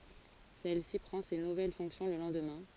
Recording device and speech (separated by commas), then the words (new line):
forehead accelerometer, read sentence
Celle-ci prend ses nouvelles fonctions le lendemain.